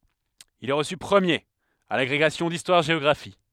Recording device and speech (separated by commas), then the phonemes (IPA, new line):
headset microphone, read sentence
il ɛ ʁəsy pʁəmjeʁ a laɡʁeɡasjɔ̃ distwaʁʒeɔɡʁafi